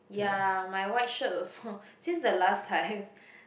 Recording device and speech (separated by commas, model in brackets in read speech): boundary microphone, conversation in the same room